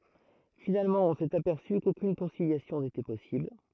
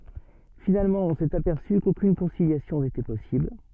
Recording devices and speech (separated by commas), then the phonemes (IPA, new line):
throat microphone, soft in-ear microphone, read sentence
finalmɑ̃ ɔ̃ sɛt apɛʁsy kokyn kɔ̃siljasjɔ̃ netɛ pɔsibl